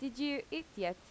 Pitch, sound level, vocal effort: 275 Hz, 84 dB SPL, loud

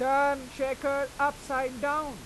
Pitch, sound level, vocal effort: 280 Hz, 98 dB SPL, very loud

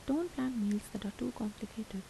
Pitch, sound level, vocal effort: 220 Hz, 76 dB SPL, soft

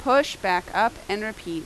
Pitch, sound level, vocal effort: 220 Hz, 89 dB SPL, loud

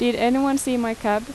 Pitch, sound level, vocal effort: 240 Hz, 86 dB SPL, normal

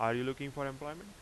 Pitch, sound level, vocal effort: 140 Hz, 89 dB SPL, loud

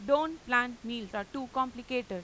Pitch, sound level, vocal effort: 245 Hz, 93 dB SPL, loud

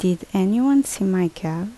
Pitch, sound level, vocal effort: 190 Hz, 76 dB SPL, soft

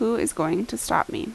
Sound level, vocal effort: 79 dB SPL, normal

